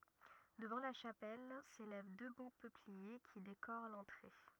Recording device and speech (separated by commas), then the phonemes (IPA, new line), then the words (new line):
rigid in-ear microphone, read sentence
dəvɑ̃ la ʃapɛl selɛv dø bo pøplie ki dekoʁ lɑ̃tʁe
Devant la chapelle s’élèvent deux beaux peupliers qui décorent l’entrée.